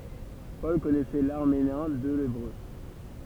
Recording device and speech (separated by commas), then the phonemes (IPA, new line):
temple vibration pickup, read sentence
pɔl kɔnɛsɛ laʁameɛ̃ e lebʁø